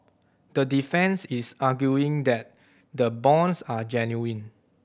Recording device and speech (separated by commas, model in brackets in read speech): boundary microphone (BM630), read sentence